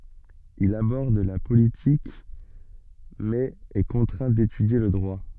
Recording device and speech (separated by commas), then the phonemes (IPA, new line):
soft in-ear microphone, read sentence
il abɔʁd la politik mɛz ɛ kɔ̃tʁɛ̃ detydje lə dʁwa